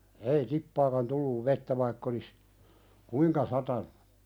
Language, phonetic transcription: Finnish, ei "tippaakan tulluv 'vettä vaikk ‿olis , "kuiŋka 'satanᴜ .
- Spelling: ei tippaakaan tullut vettä vaikka olisi kuinka satanut

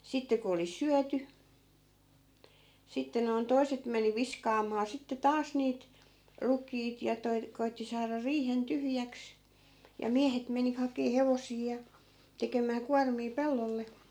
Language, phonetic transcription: Finnish, 'sitte ku oli "syäty , 'sitte noi̮n 'toi̮set meni 'viskaamaa sitte 'taas niit , 'ruk̀iit ja toi̮- , 'koitti saara 'riihen 'tyhjäks , ja 'miähet meni hakee "hevosii ja , 'tekemää 'kuarmii "pellolle .
- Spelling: sitten kun oli syöty sitten noin toiset meni viskaamaan sitten taas niitä rukiita ja - koetti saada riihen tyhjäksi ja miehet meni hakemaan hevosia ja tekemään kuormia pellolle

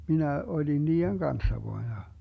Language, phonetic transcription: Finnish, 'minä 'oĺin 'nii₍eŋ "Ganssa voa ja .
- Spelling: minä olin niiden kanssa vain ja

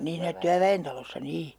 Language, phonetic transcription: Finnish, 'niin̬ hiinä "tyävä₍entalossa 'nii .
- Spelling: niin siinä työväentalossa niin

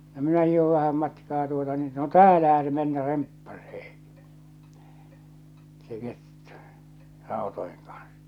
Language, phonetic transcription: Finnish, no 'minä hìhov 'vähäm matkaa tuota niin no » "täälähä se 'mennä 'remppasee , se 'kettᴜ , 'ràotoeŋ kaɴs « .
- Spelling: no minä hiihdin vähän matkaa tuota niin no täällähän se mennä remppaisee se kettu rautojen kanssa

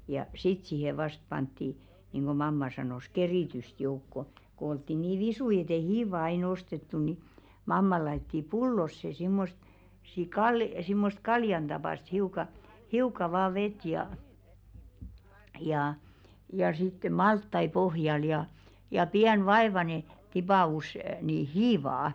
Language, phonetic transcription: Finnish, ja "sit sìhe 'vast pantti , nìŋɢo "mamma sanòs 'kerìtyst joukko , ko oltti 'nii "visui et ‿ei "hiiva ai'n ‿ostettu ni , mamma laitti "pullosse simmost , si- 'kal- , simmost "kaljan ᴅapàst 'hiuka , "hiuka vaa 'vet jà , jà , ja sitte "malttai pohjal ja , ja 'piän "vaevane , tipà₍us nì "hiivaa .
- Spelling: ja sitten siihen vasta pantiin niin kuin mamma sanoi keritystä joukkoon kun oltiin niin visuja että ei hiivaa aina ostettu niin mamma laittoi pullollisen semmoista - - semmoista kaljan tapaista hiukan hiukan vain vettä ja ja ja sitten maltaita pohjalle ja ja pieni vaivainen tipaus niin hiivaa

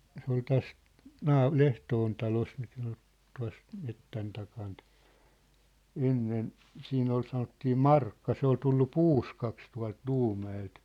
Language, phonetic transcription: Finnish, se ‿ol 'täs , "naa- , "Lehtoon talos mikä ᴏɴ , 'tua̭s , 'mettän takaant , "ennen , 'siin ‿ol 'sanottii "Markka 'se ‿ol tullu "puuskaks tua̭lt 'Luumä₍elt .
- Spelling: se oli tässä - Lehtoon talossa mikä on tuossa metsän takaa ennen siinä oli sanottiin Markka se oli tullut puuskaksi tuolta Luumäeltä

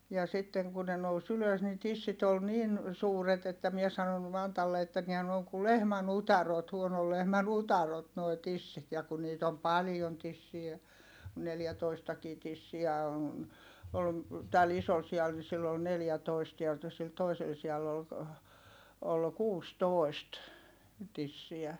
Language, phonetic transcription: Finnish, ja sitteŋ kun ne nous ylös ni tissit ‿ol nin , suuret ‿että mie sanon , Mantalle että nihä n ‿ooŋ ku lehmän utarot , huonol lehmän utarot noi̮ tissit ja ku niit ‿om palⁱjon tissiä , ku neljätoistakii tissiä on̬ , ol , täl isol si₍al ni sill ‿ol neljätoist (tiältä) sil toisel si₍all ‿ol , ol kuustòi̮st , tissiä .
- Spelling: ja sitten kun ne nousi ylös niin tissit oli niin suuret että minä sanoin Mantalle että niinhän ne on kun lehmän utareet huonon lehmän utareet nuo tissit ja kun niitä on paljon tissiä kun neljätoistakin tissiä on oli tällä isolla sialla niin sillä oli neljätoista täältä sillä toisella sialla oli oli kuusitoista tissiä

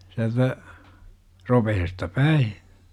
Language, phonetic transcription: Finnish, siältä , 'ropehesta "päi .
- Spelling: sieltä ropeesta päin

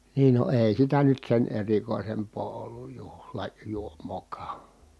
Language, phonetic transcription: Finnish, niin no èi̮ sitä nyt sen erikòi̮semp̀oo olluj juhla- , -juom̀ookaa .
- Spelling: niin no ei sitä nyt sen erikoisempaa ollut - juhlajuomaakaan

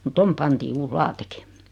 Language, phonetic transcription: Finnish, mu(t) 'tom 'pantii 'uus "laateki .
- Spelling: mutta tuonne pantiin uusi lattiakin

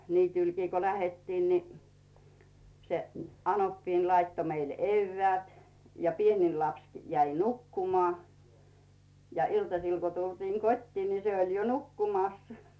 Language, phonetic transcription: Finnish, 'niitỳlkii ko "lähettiin ni , se , 'anoppiin laitto meile "eyvveä̀t ja 'pienil lapskɪ jäi "nukkumoà , ja 'iltasil ko tultiiŋ "kot́tiin ni 'se ol̀ jo "nukkumàs ,.
- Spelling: niityllekin kun lähdettiin niin se anoppini laittoi meille eväät ja pienin lapsikin jäi nukkumaan ja iltasilla kun tultiin kotiin niin se oli jo nukkumassa

